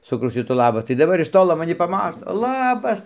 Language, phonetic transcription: Lithuanian, saˈkau ˈšitų ˈlabas tai daˈbar iš ˈtolo maˈni paˈmato ˈlabas

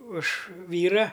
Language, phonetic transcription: Lithuanian, už ˈvyra

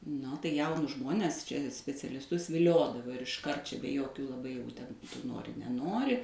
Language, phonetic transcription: Lithuanian, ˈnu tai ˈjaunus ˈžmones ˈčia specialisˈtus viˈliodavo ir išˈkart čia be ˈjokių laˈbai jau ten tu ˈnori neˈnori

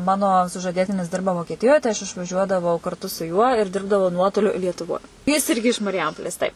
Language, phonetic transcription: Lithuanian, ˈmano sužaˈdėtinis ˈdirba vokieˈtijoj tai aš išvaˈžiuodavau karˈtu su juo ir ˈdirbdavau ˈnuotoliu lietuˈvoj jis ˈirgi iš marˈjampolės ˈtaip

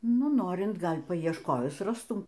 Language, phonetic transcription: Lithuanian, ˈnu ˈnorint ˈgal' paiešˈkojus ˈrastum

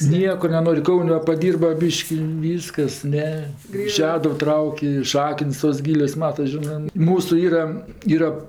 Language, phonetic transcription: Lithuanian, ˈnieko neˈnori ˈkaun' ˈva paˈdyrba ˈbyški ˈvyskas ˈne i ˈšeduv ˈtrauk' i ˈšakəns tos ˈgylios ˈmatas ˈžinɜ ˈmūsu ˈyra ˈyra

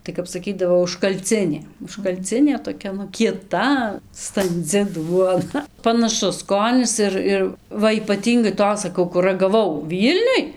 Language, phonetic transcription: Lithuanian, tai kap saˈkydavo užkalˈcinė užkalˈcinė toˈkia nu kieˈta stanˈdzi ˈduona panaˈšus ˈskonis ˈir ˈir ˈva ypaˈtyngai ˈtos saˈkau kur ragaˈvau ˈvylniuj

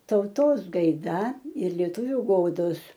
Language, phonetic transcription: Lithuanian, tauˈtos gaiˈda ir lieˈtuviu ˈgodos

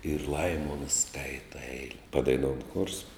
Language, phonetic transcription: Lithuanian, ir ˈlaimons ˈskaita ˈeile padaiˈnoun chors

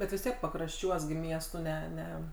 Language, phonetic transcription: Lithuanian, bet vis ˈtiek pakrašˈčiuos gi ˈmiestu ˈne ˈne

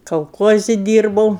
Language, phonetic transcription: Lithuanian, kalˈkuozi ˈdyrbau

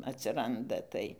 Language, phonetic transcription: Lithuanian, atsiˈranda ˈtai

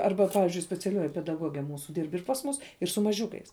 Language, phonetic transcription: Lithuanian, ˈarba ˈpavizdžiui speciaˈliuoji pedaˈguoge ˈmūsu ˈdyrb ir pas ˈmūs ir su maˈžiukais

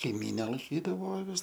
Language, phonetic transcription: Lithuanian, kaiˈmyne laiˈkydavo aˈvis

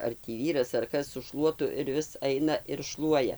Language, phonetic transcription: Lithuanian, ar tį ˈvyras ar ˈkas su ˈšluotu ir ˈvis ˈaina ir ˈšluoja

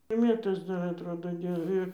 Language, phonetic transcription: Lithuanian, i ˈmėtos ˈdar atˈrodo ˈdėl ˈir

